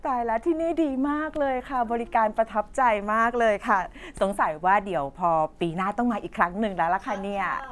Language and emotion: Thai, happy